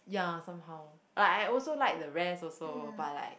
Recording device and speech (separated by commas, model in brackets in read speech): boundary microphone, conversation in the same room